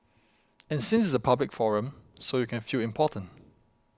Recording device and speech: close-talking microphone (WH20), read sentence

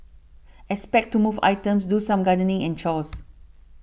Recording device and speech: boundary microphone (BM630), read sentence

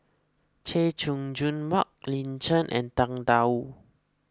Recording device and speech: close-talking microphone (WH20), read sentence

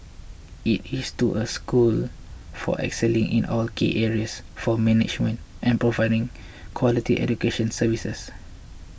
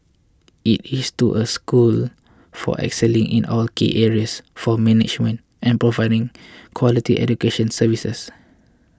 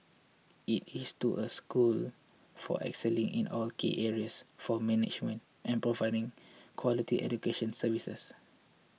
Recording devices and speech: boundary microphone (BM630), close-talking microphone (WH20), mobile phone (iPhone 6), read sentence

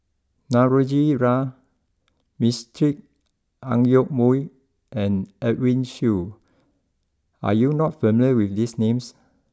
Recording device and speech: close-talking microphone (WH20), read sentence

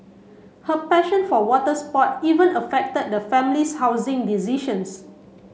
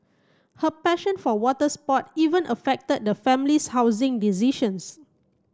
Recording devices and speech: mobile phone (Samsung C7), close-talking microphone (WH30), read sentence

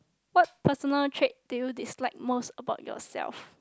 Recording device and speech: close-talking microphone, conversation in the same room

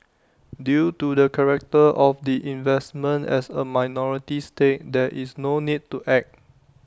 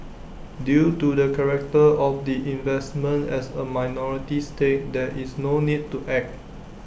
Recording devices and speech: standing microphone (AKG C214), boundary microphone (BM630), read sentence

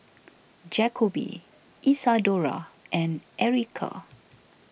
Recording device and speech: boundary microphone (BM630), read sentence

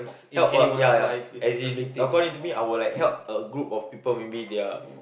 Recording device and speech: boundary microphone, conversation in the same room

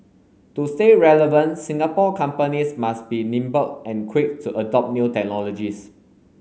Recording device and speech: mobile phone (Samsung S8), read sentence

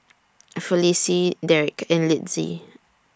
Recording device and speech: standing microphone (AKG C214), read sentence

